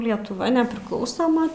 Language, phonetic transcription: Lithuanian, lietuˈva nepriˈklausoma

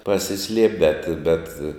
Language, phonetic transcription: Lithuanian, pasiˈsliep' bet bet

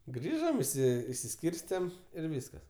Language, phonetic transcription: Lithuanian, ˈgrįžam išˈsi išsiˈskyrstem ir ˈvyskas

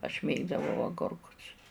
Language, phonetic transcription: Lithuanian, aš ˈmėgdavau aˈgorkus

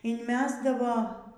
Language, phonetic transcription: Lithuanian, inˈmesdavo

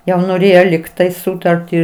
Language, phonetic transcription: Lithuanian, jau noˈrėjo likˈtai ˈsutartį

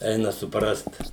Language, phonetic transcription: Lithuanian, ˈeina suˈprast

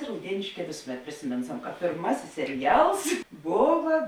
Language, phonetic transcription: Lithuanian, rauˈdienėšˌkē ˈvėsuˌmet prisiˈminsam ka pėrˈmasis seriˈjals ˈbova

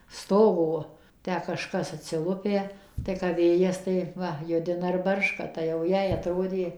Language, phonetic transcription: Lithuanian, ˈstogo ˈtę kaˈžkas atsiˈlupę tai kap ˈvėjas tai ˈva ˈjudina ir ˈbarška tai jau ˈjai aˈtrodė

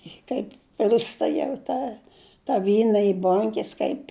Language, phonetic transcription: Lithuanian, i ˈtaip ˈpil'sta jau ˈtą ta ˈvyna i ˈbonkes kaip'

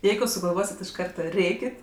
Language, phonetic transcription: Lithuanian, ˈjeigu sugalˈvosit' iš ˈkarta ˈrėkit

